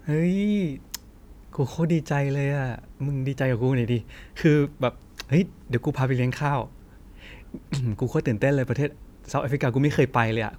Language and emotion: Thai, happy